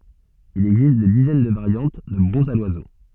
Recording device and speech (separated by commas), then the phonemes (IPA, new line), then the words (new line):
soft in-ear microphone, read sentence
il ɛɡzist de dizɛn də vaʁjɑ̃t də bʁɔ̃zz a lwazo
Il existe des dizaines de variantes de bronzes à l'oiseau.